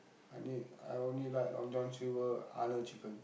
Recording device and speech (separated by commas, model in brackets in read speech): boundary microphone, conversation in the same room